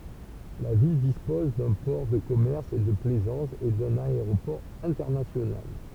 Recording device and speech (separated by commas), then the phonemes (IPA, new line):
temple vibration pickup, read sentence
la vil dispɔz dœ̃ pɔʁ də kɔmɛʁs e də plɛzɑ̃s e dœ̃n aeʁopɔʁ ɛ̃tɛʁnasjonal